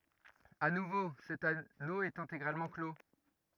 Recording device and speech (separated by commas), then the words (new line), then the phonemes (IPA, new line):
rigid in-ear microphone, read sentence
À nouveau, cet anneau est intégralement clos.
a nuvo sɛt ano ɛt ɛ̃teɡʁalmɑ̃ klo